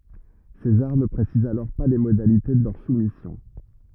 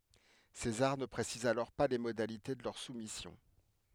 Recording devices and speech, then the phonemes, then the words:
rigid in-ear microphone, headset microphone, read sentence
sezaʁ nə pʁesiz alɔʁ pa le modalite də lœʁ sumisjɔ̃
César ne précise alors pas les modalités de leur soumission.

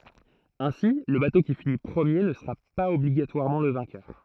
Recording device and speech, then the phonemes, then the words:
throat microphone, read sentence
ɛ̃si lə bato ki fini pʁəmje nə səʁa paz ɔbliɡatwaʁmɑ̃ lə vɛ̃kœʁ
Ainsi, le bateau qui finit premier ne sera pas obligatoirement le vainqueur.

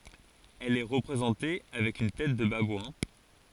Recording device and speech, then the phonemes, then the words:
forehead accelerometer, read sentence
ɛl ɛ ʁəpʁezɑ̃te avɛk yn tɛt də babwɛ̃
Elle est représentée avec une tête de babouin.

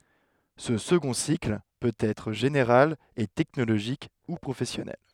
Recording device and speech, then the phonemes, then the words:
headset microphone, read sentence
sə səɡɔ̃ sikl pøt ɛtʁ ʒeneʁal e tɛknoloʒik u pʁofɛsjɔnɛl
Ce second cycle peut être général et technologique ou professionnel.

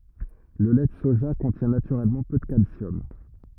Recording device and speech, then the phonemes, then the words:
rigid in-ear microphone, read sentence
lə lɛ də soʒa kɔ̃tjɛ̃ natyʁɛlmɑ̃ pø də kalsjɔm
Le lait de soja contient naturellement peu de calcium.

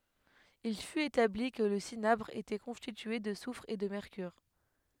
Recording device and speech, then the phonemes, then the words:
headset microphone, read sentence
il fyt etabli kə lə sinabʁ etɛ kɔ̃stitye də sufʁ e də mɛʁkyʁ
Il fut établi que le cinabre était constitué de soufre et de mercure.

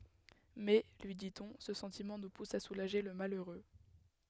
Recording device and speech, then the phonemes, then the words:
headset microphone, read sentence
mɛ lyi ditɔ̃ sə sɑ̃timɑ̃ nu pus a sulaʒe lə maløʁø
Mais, lui dit-on, ce sentiment nous pousse à soulager le malheureux.

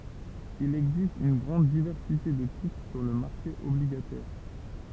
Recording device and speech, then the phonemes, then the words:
temple vibration pickup, read sentence
il ɛɡzist yn ɡʁɑ̃d divɛʁsite də titʁ syʁ lə maʁʃe ɔbliɡatɛʁ
Il existe une grande diversité de titres sur le marché obligataire.

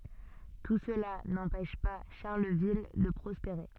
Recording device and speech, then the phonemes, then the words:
soft in-ear microphone, read sentence
tu səla nɑ̃pɛʃ pa ʃaʁləvil də pʁɔspeʁe
Tout cela n'empêche pas Charleville de prospérer.

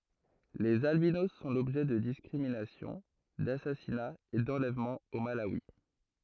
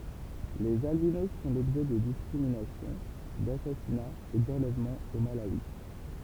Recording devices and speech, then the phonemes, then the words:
throat microphone, temple vibration pickup, read sentence
lez albinos sɔ̃ lɔbʒɛ də diskʁiminasjɔ̃ dasasinaz e dɑ̃lɛvmɑ̃z o malawi
Les albinos sont l'objet de discriminations, d'assassinats et d'enlèvements au Malawi.

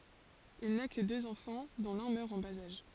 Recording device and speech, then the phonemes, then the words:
forehead accelerometer, read sentence
il na kə døz ɑ̃fɑ̃ dɔ̃ lœ̃ mœʁ ɑ̃ baz aʒ
Il n'a que deux enfants, dont l'un meurt en bas âge.

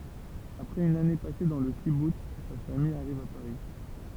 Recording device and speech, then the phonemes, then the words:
temple vibration pickup, read sentence
apʁɛz yn ane pase dɑ̃ lə kibuts sa famij aʁiv a paʁi
Après une année passée dans le kibboutz, sa famille arrive à Paris.

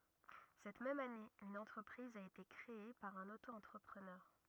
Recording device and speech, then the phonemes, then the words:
rigid in-ear microphone, read sentence
sɛt mɛm ane yn ɑ̃tʁəpʁiz a ete kʁee paʁ œ̃n oto ɑ̃tʁəpʁənœʁ
Cette même année, une entreprise a été créée par un auto-entrepreneur.

